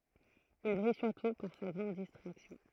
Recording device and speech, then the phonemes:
throat microphone, read sentence
il bʁij syʁtu paʁ sa ɡʁɑ̃d distʁaksjɔ̃

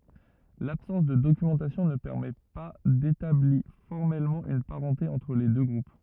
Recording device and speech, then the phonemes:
rigid in-ear microphone, read sentence
labsɑ̃s də dokymɑ̃tasjɔ̃ nə pɛʁmɛ pa detabli fɔʁmɛlmɑ̃ yn paʁɑ̃te ɑ̃tʁ le dø ɡʁup

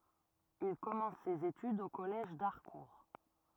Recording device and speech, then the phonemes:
rigid in-ear microphone, read sentence
il kɔmɑ̃s sez etydz o kɔlɛʒ daʁkuʁ

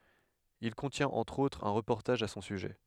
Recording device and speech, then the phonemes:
headset microphone, read sentence
il kɔ̃tjɛ̃t ɑ̃tʁ otʁz œ̃ ʁəpɔʁtaʒ a sɔ̃ syʒɛ

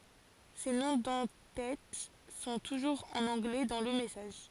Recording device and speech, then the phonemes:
forehead accelerometer, read sentence
se nɔ̃ dɑ̃ tɛt sɔ̃ tuʒuʁz ɑ̃n ɑ̃ɡlɛ dɑ̃ lə mɛsaʒ

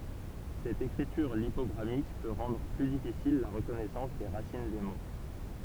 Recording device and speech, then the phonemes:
temple vibration pickup, read sentence
sɛt ekʁityʁ lipɔɡʁamik pø ʁɑ̃dʁ ply difisil la ʁəkɔnɛsɑ̃s de ʁasin de mo

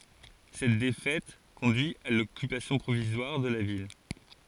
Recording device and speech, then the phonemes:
forehead accelerometer, read sentence
sɛt defɛt kɔ̃dyi a lɔkypasjɔ̃ pʁovizwaʁ də la vil

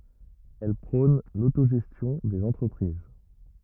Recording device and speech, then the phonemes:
rigid in-ear microphone, read sentence
ɛl pʁɔ̃n lotoʒɛstjɔ̃ dez ɑ̃tʁəpʁiz

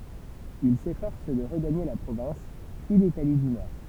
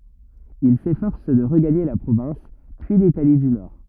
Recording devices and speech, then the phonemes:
temple vibration pickup, rigid in-ear microphone, read sentence
il sefɔʁs də ʁəɡaɲe la pʁovɛ̃s pyi litali dy nɔʁ

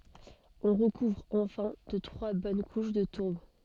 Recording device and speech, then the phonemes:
soft in-ear microphone, read sentence
ɔ̃ ʁəkuvʁ ɑ̃fɛ̃ də tʁwa bɔn kuʃ də tuʁb

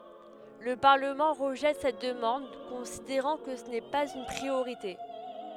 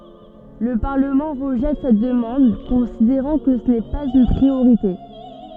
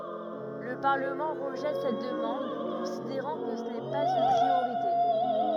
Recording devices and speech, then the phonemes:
headset microphone, soft in-ear microphone, rigid in-ear microphone, read sentence
lə paʁləmɑ̃ ʁəʒɛt sɛt dəmɑ̃d kɔ̃sideʁɑ̃ kə sə nɛ paz yn pʁioʁite

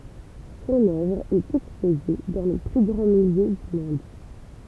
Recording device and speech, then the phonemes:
temple vibration pickup, read sentence
sɔ̃n œvʁ ɛt ɛkspoze dɑ̃ le ply ɡʁɑ̃ myze dy mɔ̃d

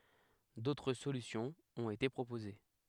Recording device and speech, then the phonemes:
headset microphone, read sentence
dotʁ solysjɔ̃z ɔ̃t ete pʁopoze

